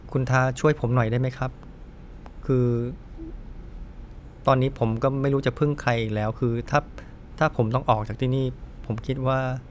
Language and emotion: Thai, frustrated